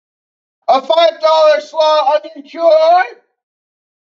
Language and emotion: English, surprised